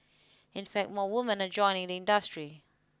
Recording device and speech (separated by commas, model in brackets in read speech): close-talking microphone (WH20), read sentence